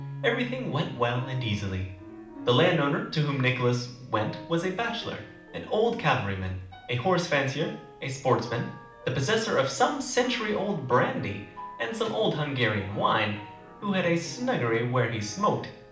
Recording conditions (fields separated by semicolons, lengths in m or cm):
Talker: one person; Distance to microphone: 2.0 m; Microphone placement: close; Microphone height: 99 cm; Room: medium-sized (5.7 m by 4.0 m); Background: music